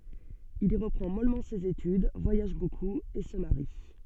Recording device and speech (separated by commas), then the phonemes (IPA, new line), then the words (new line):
soft in-ear microphone, read sentence
il i ʁəpʁɑ̃ mɔlmɑ̃ sez etyd vwajaʒ bokup e sə maʁi
Il y reprend mollement ses études, voyage beaucoup et se marie.